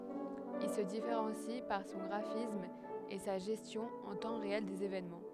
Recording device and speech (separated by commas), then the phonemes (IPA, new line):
headset microphone, read sentence
il sə difeʁɑ̃si paʁ sɔ̃ ɡʁafism e sa ʒɛstjɔ̃ ɑ̃ tɑ̃ ʁeɛl dez evenmɑ̃